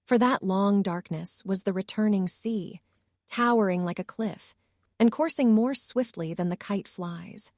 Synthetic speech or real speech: synthetic